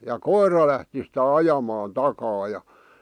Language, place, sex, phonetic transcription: Finnish, Vihti, male, ja "koira lähti sitä "ajamaan "takaa ja .
- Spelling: ja koira lähti sitä ajamaan takaa ja

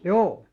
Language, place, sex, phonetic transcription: Finnish, Alastaro, male, juu .
- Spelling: juu

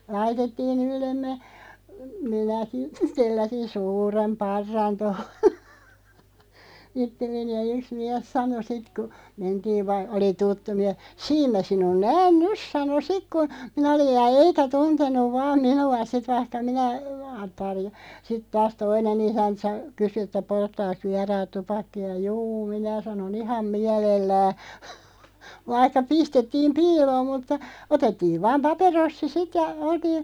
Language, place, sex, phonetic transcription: Finnish, Loppi, female, laitettii'n ‿yllemme , 'minäki , 'telläsin "suurem 'parran tohᴏ , 'ittelleni ja 'yks 'miɛs "sano 'sit ku , 'mentiiv va- , oli "tuttu 'miɛʰ , » "siim mä 'sinun "nään "nys « sano "sik ku , minä oliʲ ja "eikä 'tunten̆nuv 'vaam 'minu₍a sit 'vaihka 'minä , sit 'taas "toine'n ‿isänt sa- , 'kysy että » 'polttaaks 'viaraat 'tupakki₍a « » "jû « 'minä sanon » "iham 'miälellää” , "vaihka 'pistettiim "piiloom mutta , 'otettiiv 'vaam "paperossi "sit ja , 'oltiin̬ ,.
- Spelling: laitettiin yllemme minäkin telläsin suuren parran tuohon itselleni ja yksi mies sanoi sitten kun mentiin - oli tuttu mies siinä minä sinun näen nyt sanoi sitten kun minä olin ja eikä tuntenut vain minua sitten vaikka minä sitten taas toinen isäntä - kysyi että polttaakos vieraat tupakkaa juu minä sanoin ihan mielellään” vaikka pistettiin piiloon mutta otettiin vain paperossi sitten ja oltiin

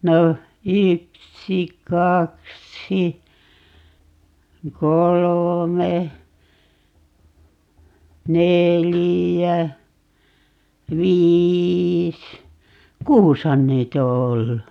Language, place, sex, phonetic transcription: Finnish, Paavola, female, 'no , 'yksi 'kaksi , 'kolome , 'nelijä , 'viiis , "kuushan 'niit ‿o 'ollu .
- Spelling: no yksi kaksi kolme neljä viisi kuusihan niitä on ollut

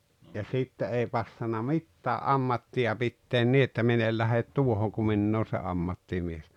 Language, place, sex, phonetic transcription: Finnish, Rautalampi, male, ja 'sitte 'ei passana "mittää’ "’ammatti₍a 'pitteen 'ni että 'min ‿el lähet "tuohoŋ ku 'minn ‿oon̬ 'se 'ammattimies .
- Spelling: ja sitten ei passannut mitään ammattia pitää niin että minä en lähde tuohon kun minä olen se ammattimies

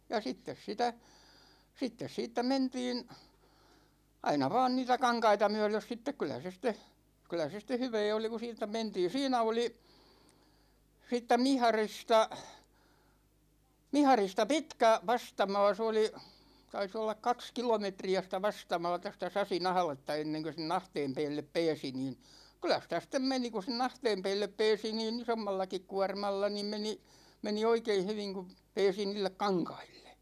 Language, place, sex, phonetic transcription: Finnish, Ikaalinen, male, ja 'sittes sitä , 'sittes 'siittä "mentiin , 'aina vaan niitä "kaŋkaita 'myö̬lös sittek 'kylä se sit̆te , 'kylä se ste "hyvee oli ko (siittä) 'mentii 'siinä oli , 'siittä 'Miharista , 'Miharista 'pitkä , 'vastama̭a̭ se oli , 'tais ‿ollak "kaks 'kilometri₍ä sitä "vastama̭a̭ta , sitä 'Sasin ‿ahᵃletta 'enneŋkö se"n ‿ahteem 'peellep 'peesi niin , 'kyl̆lä sitä sit̆tem 'meni ku sen ‿"ahteem 'peellep 'peesi nii"n ‿isommallakik 'kuarmalla niim 'meni , 'meni 'oikein̬ 'hyviŋ ku , 'peesi 'niillek "kaŋkAILLE .
- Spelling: ja sitten sitä sitten siitä mentiin aina vain niitä kankaita myöden sitten kyllä se sitten kyllä se sitten hyvää oli kun siitä mentiin siinä oli siitä Miharista Miharista pitkä vastamaa se oli taisi olla kaksi kilometriä sitä vastamaata sitä Sasin ahdetta ennen kuin sen ahteen päälle pääsi niin kyllä sitä sitten meni kun sen ahteen päälle pääsi niin isommallakin kuormalla niin meni meni oikein hyvin kun pääsi niille kankaille

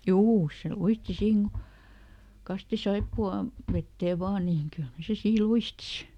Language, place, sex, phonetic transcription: Finnish, Lieto, female, "juu , se ˈluisti ˈsiin mukà- , ˈkasti "saippu₍a- , ˈ-vettee ˈvaa niiŋ ˈkylhä se ˈsii "luisti si .
- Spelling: juu se luisti siinä - kastoi - saippuaveteen vain niin kyllähän se siinä luisti sitten

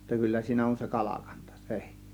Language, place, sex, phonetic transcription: Finnish, Kiihtelysvaara, male, jotta 'kyllä siinä on se 'kalakANtA (sE - -) .
- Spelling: jotta kyllä siinä on se kalakanta -

